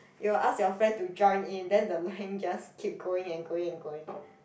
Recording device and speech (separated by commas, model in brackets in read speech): boundary microphone, conversation in the same room